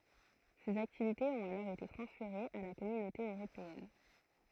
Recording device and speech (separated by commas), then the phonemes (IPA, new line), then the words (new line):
throat microphone, read sentence
sez aktivitez ɔ̃t alɔʁ ete tʁɑ̃sfeʁez a la kɔmynote øʁopeɛn
Ces activités ont alors été transférées à la Communauté européenne.